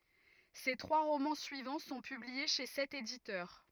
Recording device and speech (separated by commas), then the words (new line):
rigid in-ear microphone, read sentence
Ses trois romans suivants sont publiés chez cet éditeur.